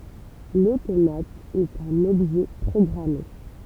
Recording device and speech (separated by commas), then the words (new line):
temple vibration pickup, read sentence
L'automate est un objet programmé.